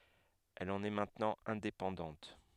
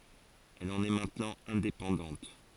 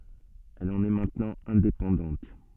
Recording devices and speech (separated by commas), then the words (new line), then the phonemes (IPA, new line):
headset microphone, forehead accelerometer, soft in-ear microphone, read sentence
Elle en est maintenant indépendante.
ɛl ɑ̃n ɛ mɛ̃tnɑ̃ ɛ̃depɑ̃dɑ̃t